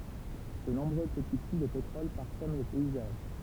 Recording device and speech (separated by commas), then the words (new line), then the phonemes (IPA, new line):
temple vibration pickup, read sentence
De nombreux petits puits de pétrole parsèment le paysage.
də nɔ̃bʁø pəti pyi də petʁɔl paʁsɛm lə pɛizaʒ